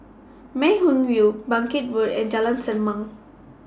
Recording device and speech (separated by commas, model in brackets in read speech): standing microphone (AKG C214), read sentence